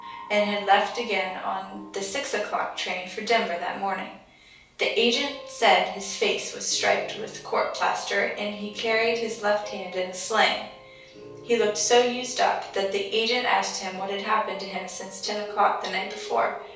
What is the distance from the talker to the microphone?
3.0 m.